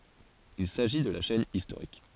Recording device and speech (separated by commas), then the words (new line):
forehead accelerometer, read sentence
Il s'agit de la chaîne historique.